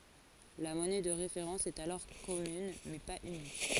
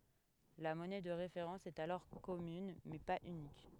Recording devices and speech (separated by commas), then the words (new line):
forehead accelerometer, headset microphone, read sentence
La monnaie de référence est alors commune, mais pas unique.